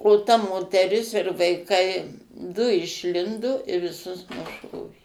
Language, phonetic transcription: Lithuanian, o ta moteˈris ir vaiˈkai du išˈlindo ir viˈsus nuˈšovė

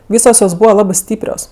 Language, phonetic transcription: Lithuanian, ˈvysos jos ˈbūva ˈlabɜ ˈstyprios

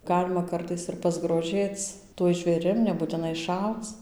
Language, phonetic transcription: Lithuanian, ˈgalima ˈkartais ir pasgroˈžėc tuoj žvėˈrim nebūtiˈnai ˈšauc

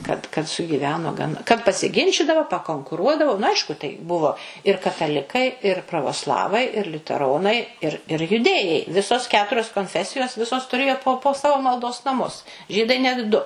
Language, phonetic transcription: Lithuanian, kad kad sugyˈveno gan kad pasiˈginčydavo pakonkuˈruodavo nu ˈaišku tai ˈbuvo ir kataˈlikai ir pravoˈslavai ir liuteˈronai ir ir juˈdėjai ˈvisos ˈketurios konˈfesijos ˈvisos tuˈrėjo po po ˈsavo malˈdos naˈmus ˈžydai ˈnet ˈdu

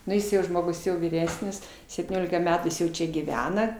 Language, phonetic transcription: Lithuanian, nu ˈjis jau ˈžmogus jau vyˈresnis septyˈniolika ˈmetų ˈjis jau ˈčia gyˈvena

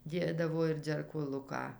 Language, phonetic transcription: Lithuanian, ˈdėdavo ir dzerkoˈluką

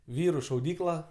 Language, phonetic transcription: Lithuanian, ˈvyru šauˈdykla

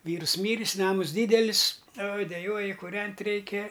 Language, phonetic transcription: Lithuanian, ˈvyrs ˈmyris ˈnamus ˈdydelis oj deˈjuoji kūˈrent' ˈreikia

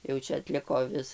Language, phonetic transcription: Lithuanian, jau ˈčia atˈliko ˈvis

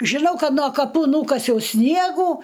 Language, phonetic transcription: Lithuanian, žiˈnau ˈkad no kaˈpų ˈnūkasiau ˈsniegų

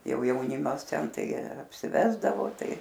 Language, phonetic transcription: Lithuanian, jau jauˈnimas ˈten ˈtai apsiˈvesdavo ˈtai

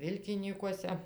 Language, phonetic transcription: Lithuanian, ˈvilkinykuose

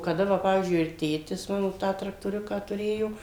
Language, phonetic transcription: Lithuanian, kaˈda ˈva ˈpavyzdžiui ir ˈtėtis ˈmano ˈtą traktoˈriuką tuˈrėjo

